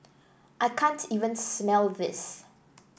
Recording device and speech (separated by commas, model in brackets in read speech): boundary microphone (BM630), read sentence